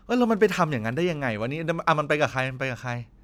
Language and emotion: Thai, frustrated